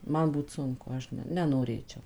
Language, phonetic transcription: Lithuanian, ˈman ˈbūt ˈsunku ˈaš ne nenoˈrėčiau

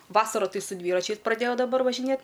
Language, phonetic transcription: Lithuanian, ˈvasaru ˈtai su ˈdvyračiais praˈdėjau daˈbar važiˈnėt

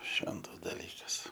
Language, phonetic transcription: Lithuanian, ˈšventas daˈlykas

